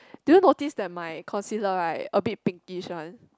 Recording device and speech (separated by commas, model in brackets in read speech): close-talking microphone, conversation in the same room